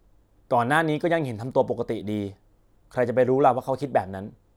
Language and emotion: Thai, frustrated